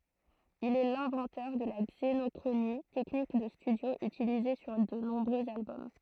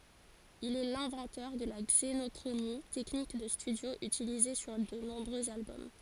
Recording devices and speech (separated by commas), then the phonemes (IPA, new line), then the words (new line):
throat microphone, forehead accelerometer, read sentence
il ɛ lɛ̃vɑ̃tœʁ də la ɡzenɔkʁoni tɛknik də stydjo ytilize syʁ də nɔ̃bʁøz albɔm
Il est l'inventeur de la xénochronie, technique de studio utilisée sur de nombreux albums.